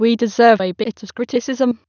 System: TTS, waveform concatenation